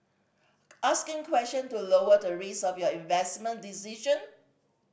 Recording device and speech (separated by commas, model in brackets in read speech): boundary microphone (BM630), read sentence